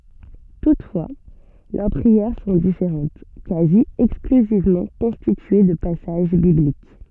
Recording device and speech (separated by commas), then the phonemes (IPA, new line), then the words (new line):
soft in-ear microphone, read sentence
tutfwa lœʁ pʁiɛʁ sɔ̃ difeʁɑ̃t kazi ɛksklyzivmɑ̃ kɔ̃stitye də pasaʒ biblik
Toutefois, leurs prières sont différentes, quasi exclusivement constituées de passages bibliques.